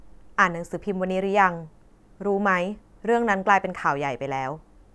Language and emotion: Thai, neutral